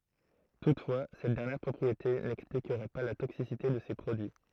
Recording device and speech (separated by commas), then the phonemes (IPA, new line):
throat microphone, read sentence
tutfwa sɛt dɛʁnjɛʁ pʁɔpʁiete nɛksplikʁɛ pa la toksisite də se pʁodyi